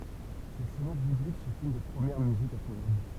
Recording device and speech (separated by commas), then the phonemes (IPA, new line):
temple vibration pickup, read sentence
le sonat biblik sɔ̃t yn de pʁəmjɛʁ myzikz a pʁɔɡʁam